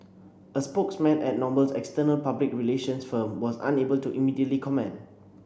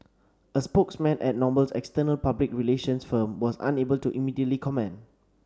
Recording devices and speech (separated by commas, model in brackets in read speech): boundary microphone (BM630), standing microphone (AKG C214), read sentence